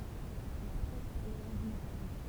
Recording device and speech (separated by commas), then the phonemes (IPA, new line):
temple vibration pickup, read sentence
la pʁɛs paʁləʁa dyn ʁav